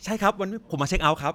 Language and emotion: Thai, neutral